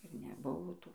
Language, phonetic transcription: Lithuanian, ir neˈbuvo ˈtų

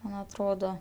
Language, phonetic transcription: Lithuanian, ˈman atˈrodo

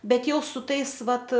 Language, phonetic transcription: Lithuanian, ˈbet ˈjau su ˈtais ˈvat

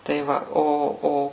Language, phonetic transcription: Lithuanian, tai ˈva ˈo ˈo

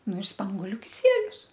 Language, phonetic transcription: Lithuanian, ˈnu ir ˈspangoliu kiˈsielius

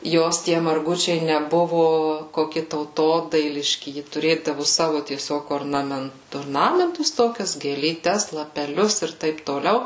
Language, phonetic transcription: Lithuanian, ˈjos tie marˈgučiai neˈbuvu koˈki tauˈtodailiški ˈji tuˈrėdavu ˈsavu tieˈsiog ornaˈment orˈnamentus ˈtokias gėlyˈtes lapeˈlius ˈir ˈtaip toˈliau

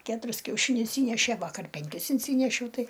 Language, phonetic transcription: Lithuanian, ˈketuris kiauˈšinius ˈįnešė ˈvakar penˈkis inˈsynešiau ˈtai

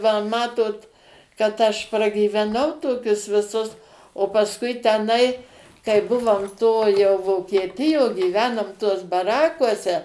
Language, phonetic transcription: Lithuanian, va ˈmatot kad ˈaš pragyveˈnau ˈtokius viˈsus o pasˈkui teˈnai kai ˈbuvom ˈto jau vokieˈtijo gyˈvenom tuos baˈrakuose

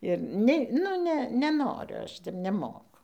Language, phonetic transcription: Lithuanian, ir ˈne nu ˈne neˈnoriu ˈaš tep neˈmoku

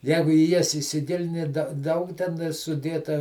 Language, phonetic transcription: Lithuanian, ˈjegu į ˈjas isiˈgilini da ˈdaug teˈnai suˈdėta

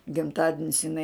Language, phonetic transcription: Lithuanian, gimˈtadinis iˈnai

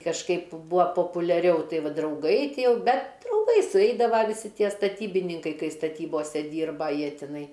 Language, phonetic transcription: Lithuanian, kažˈkaip ˈbua populiaˈriau ˈtai ˈva drauˈgai ˈtie ˈjau ˈbet trumˈpai suˈeidava viˈsi ˈtie staˈtybininkai ˈkai staˈtybose ˈdyrba ˈjie tiˈnai

